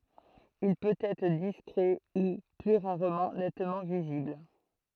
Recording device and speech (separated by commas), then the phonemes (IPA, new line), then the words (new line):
throat microphone, read sentence
il pøt ɛtʁ diskʁɛ u ply ʁaʁmɑ̃ nɛtmɑ̃ vizibl
Il peut être discret ou, plus rarement, nettement visible.